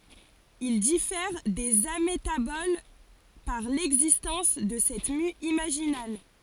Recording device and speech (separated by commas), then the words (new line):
forehead accelerometer, read sentence
Ils diffèrent des amétaboles par l'existence de cette mue imaginale.